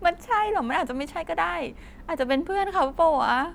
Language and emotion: Thai, sad